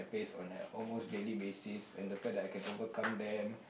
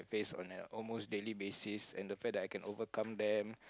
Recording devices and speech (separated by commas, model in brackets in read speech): boundary microphone, close-talking microphone, conversation in the same room